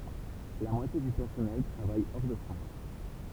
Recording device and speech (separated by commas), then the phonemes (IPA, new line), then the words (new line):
temple vibration pickup, read sentence
la mwatje dy pɛʁsɔnɛl tʁavaj ɔʁ də fʁɑ̃s
La moitié du personnel travaille hors de France.